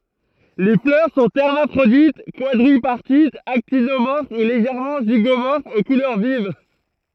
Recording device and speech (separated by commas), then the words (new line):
throat microphone, read sentence
Les fleurs sont hermaphrodites, quadripartites, actinomorphes ou légèrement zygomorphes, aux couleurs vives.